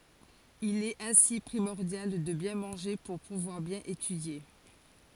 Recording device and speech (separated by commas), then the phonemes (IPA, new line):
forehead accelerometer, read sentence
il ɛt ɛ̃si pʁimɔʁdjal də bjɛ̃ mɑ̃ʒe puʁ puvwaʁ bjɛ̃n etydje